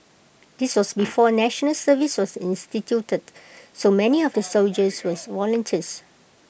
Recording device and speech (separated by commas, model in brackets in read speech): boundary microphone (BM630), read sentence